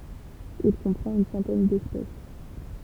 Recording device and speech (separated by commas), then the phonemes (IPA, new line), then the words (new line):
temple vibration pickup, read sentence
il kɔ̃pʁɑ̃t yn sɑ̃tɛn dɛspɛs
Il comprend une centaine d'espèces.